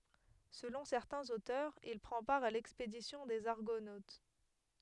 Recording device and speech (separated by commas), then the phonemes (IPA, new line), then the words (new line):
headset microphone, read sentence
səlɔ̃ sɛʁtɛ̃z otœʁz il pʁɑ̃ paʁ a lɛkspedisjɔ̃ dez aʁɡonot
Selon certains auteurs, il prend part à l'expédition des Argonautes.